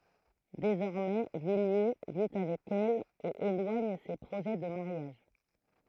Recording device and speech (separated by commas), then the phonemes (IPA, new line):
throat microphone, read sentence
dezɔʁmɛ vilje vi avɛk ɛl e elwaɲ se pʁoʒɛ də maʁjaʒ